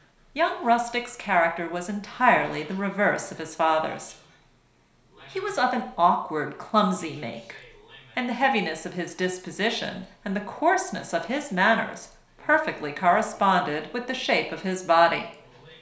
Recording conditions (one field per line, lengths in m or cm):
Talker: one person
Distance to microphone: 1.0 m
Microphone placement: close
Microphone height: 1.1 m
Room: small (3.7 m by 2.7 m)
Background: television